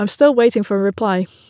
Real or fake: real